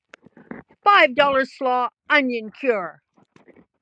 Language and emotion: English, surprised